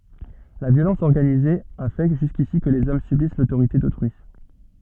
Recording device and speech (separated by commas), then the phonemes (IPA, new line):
soft in-ear microphone, read sentence
la vjolɑ̃s ɔʁɡanize a fɛ ʒyskisi kə lez ɔm sybis lotoʁite dotʁyi